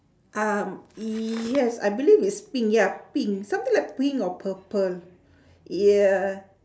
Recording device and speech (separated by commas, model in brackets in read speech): standing microphone, conversation in separate rooms